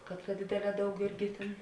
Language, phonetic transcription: Lithuanian, kad ta ˈdėdėˌlē ˈdaug ˈirgi tėn

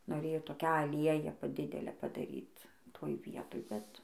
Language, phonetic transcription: Lithuanian, noˈrėjo toˈkią aˈlieją ˈpa ˈdidelę padaˈryt ˈtoj ˈvietoj ˈbet

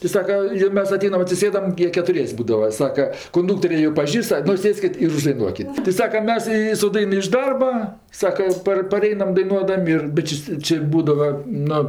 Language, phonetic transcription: Lithuanian, tai ˈsaka jo ˈmes aˈteinam atsiˈsėdam ˈjie ketuˈries' ˈbūdava ˈsaka kunˈduktorė jo ˈpažįst ˈnu ˈsėskit ir uždaiˈnuokit ti ˈsaka ˈmes i su ˈdain iš ˈdarba ˈsaka i ˈpar paˈreinam daiˈnuodam' ir bet ˈči s' ˈči ˈbūdava ˈnu

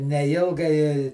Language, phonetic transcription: Lithuanian, neˈilgai

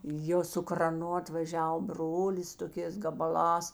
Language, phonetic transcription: Lithuanian, ˈjo su kraˈnu atvaˈžiav ˈbrolis toˈkės gabaˈlās

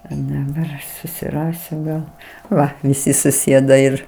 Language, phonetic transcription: Lithuanian, i daˈbar aš susiˈrasiu gal ˈva viˈsi suˈsėda ir

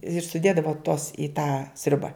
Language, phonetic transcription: Lithuanian, ir suˈdėdavo tuos i tą ˈsriubą

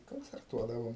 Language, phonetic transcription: Lithuanian, koncerˈtuodavom

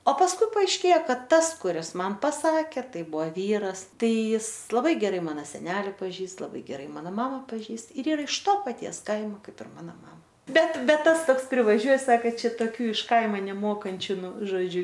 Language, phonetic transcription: Lithuanian, o pasˈkui paaišˈkėja ˈkad tas kuˈris ˈman paˈsakė ˈtai ˈbuvo ˈvyras ˈtai ˈjis laˈbai geˈrai ˈmano seˈneli paˈžįst laˈbai geˈrai ˈmano ˈmama paˈžįst ir ˈyˈra iš to paˈties ˈkaimo ˈkaip ir ˈmano ˈmama ˈbet ˈbet ˈtas ˈtoks privaˈžiuoj ˈsaka ˈčia toˈkių iš ˈkaima neˈmokančiu ˈnu žoˈdžiu

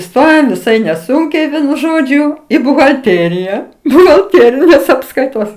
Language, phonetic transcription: Lithuanian, iˈstojom viˈsai neˈsunkiai ˈvienu ˈžodžiu i buhalˈtėrija buhalˈtėrinės apskaiˈtos

